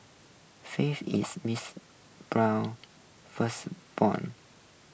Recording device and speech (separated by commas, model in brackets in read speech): boundary microphone (BM630), read sentence